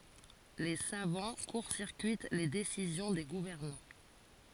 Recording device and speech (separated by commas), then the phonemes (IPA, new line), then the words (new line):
forehead accelerometer, read sentence
le savɑ̃ kuʁ siʁkyit le desizjɔ̃ de ɡuvɛʁnɑ̃
Les savants court-circuitent les décisions des gouvernants.